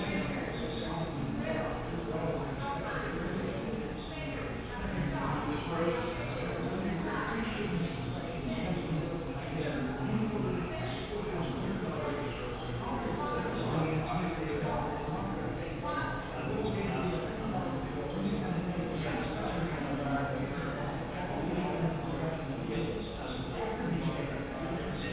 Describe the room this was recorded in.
A very reverberant large room.